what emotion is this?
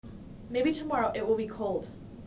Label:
neutral